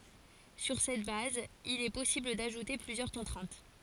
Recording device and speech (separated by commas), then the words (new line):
forehead accelerometer, read sentence
Sur cette base, il est possible d'ajouter plusieurs contraintes.